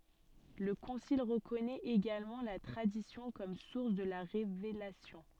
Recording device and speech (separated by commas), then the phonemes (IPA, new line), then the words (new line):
soft in-ear microphone, read sentence
lə kɔ̃sil ʁəkɔnɛt eɡalmɑ̃ la tʁadisjɔ̃ kɔm suʁs də la ʁevelasjɔ̃
Le concile reconnaît également la Tradition comme source de la Révélation.